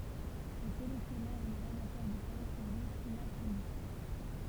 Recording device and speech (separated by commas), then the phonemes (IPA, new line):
temple vibration pickup, read sentence
le kɔlɛksjɔnœʁz e lez amatœʁ də tɛ̃bʁ sɔ̃ de filatelist